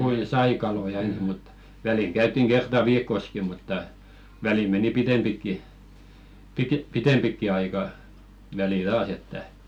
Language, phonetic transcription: Finnish, kuin "sai kaloja 'ens mut , 'väliŋ käyt̆tiŋ 'ɢerta "viikkoski mutta , välim 'meni "pitempikki , pi-ke- "pitempikki aika , välil 'taas ‿että .
- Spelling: kuinka sai kaloja ensin mutta väliin käytiin kerta viikossakin mutta väliin meni pitempikin - pitempikin aika välillä taas että

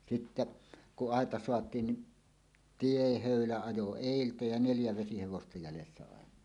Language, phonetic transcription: Finnish, sitte , 'kuˀ "ˀàeta 'soat̀iin ni , "tiehö̀ylä 'ajo "èiltä ja "neljä 'vesihevosta jälessä àeǹaa .
- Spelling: sitten kun aita saatiin niin tiehöylä ajoi edeltä ja neljä vesihevosta jäljessä aina

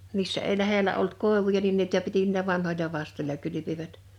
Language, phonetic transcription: Finnish, 'missä èi 'lähelä olt "kòevuja nin nìtä piti n(ii)lä 'vanhoĺa 'vastoĺla 'kylypivät .
- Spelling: missä ei lähellä ollut koivuja niin niitä piti niillä vanhoilla vastoilla kylpivät

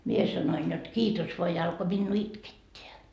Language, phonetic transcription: Finnish, mie sanoin jot 'kiitos voa ja alko minnuu "itketteä .
- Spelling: minä sanoin jotta kiitos vain ja alkoi minua itkettää

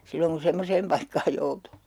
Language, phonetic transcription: Finnish, 'silloŋ kun̬ "semmoseem paikkaaj joutuu .
- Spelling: silloin kun semmoiseen paikkaan joutuu

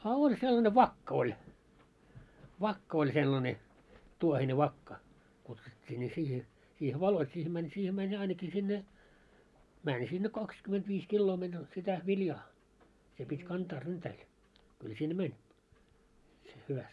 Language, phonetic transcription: Finnish, a 'oĺ sellane "vakkᵃ ‿oĺ , 'vakka oĺ sellane , 'tuohine 'vakka , kutsut́t́ii ńi siihe , siihe "valoit siihᵉ mäń , siihe 'mäń 'ainaki sinne , 'mäń sinne 'kakskymentviis 'killoo meń , sitä "viljaa , se pit́ 'kantaa 'ryntäil , kyl sinne "mäń , se hyväst .
- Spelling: a oli sellainen vakka oli vakka oli sellainen tuohinen vakka kutsuttiin niin siihen siihen valot siihen meni siihen meni ainakin sinne meni sinne kaksikymmentäviisi kiloa meni sitä viljaa se piti kantaa ryntäillä kyllä sinne meni se hyvästi

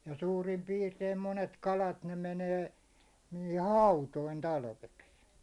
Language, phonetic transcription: Finnish, ja 'suurim 'piirteim 'monet 'kalat ne 'menee , nɪɪhɪ "hautoin 'talveks .
- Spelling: ja suurin piirtein monet kalat ne menee niihin hautoihin talveksi

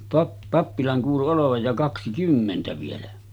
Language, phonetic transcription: Finnish, 'pap- , 'pappilan kuulu 'olovaj ja 'kaksi"kymmentä vielä .
- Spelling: - pappilan kuului olevan ja kaksikymmentä vielä

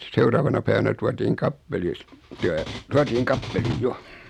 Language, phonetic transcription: Finnish, 'seuraavana päivänä 'tuatiiŋ "kappelis , tää , 'tuatiiŋ 'kappeliij "jo .
- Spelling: seuraavana päivänä tuotiin kappelissa tämä tuotiin kappeliin jo

